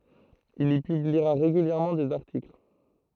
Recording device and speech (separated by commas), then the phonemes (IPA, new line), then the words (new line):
throat microphone, read sentence
il i pybliʁa ʁeɡyljɛʁmɑ̃ dez aʁtikl
Il y publiera régulièrement des articles.